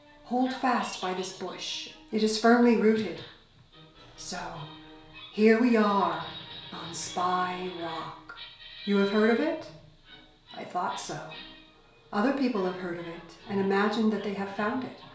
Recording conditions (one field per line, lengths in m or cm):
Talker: one person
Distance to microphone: 1.0 m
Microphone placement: close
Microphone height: 1.1 m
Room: small (3.7 m by 2.7 m)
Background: television